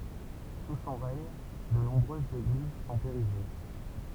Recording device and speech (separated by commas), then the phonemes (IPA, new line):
temple vibration pickup, read sentence
su sɔ̃ ʁɛɲ də nɔ̃bʁøzz eɡliz sɔ̃t eʁiʒe